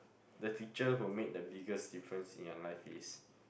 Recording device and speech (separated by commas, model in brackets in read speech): boundary microphone, conversation in the same room